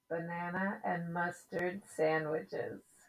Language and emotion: English, happy